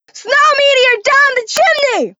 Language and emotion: English, sad